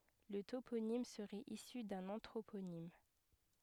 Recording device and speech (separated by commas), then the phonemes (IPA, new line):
headset microphone, read sentence
lə toponim səʁɛt isy dœ̃n ɑ̃tʁoponim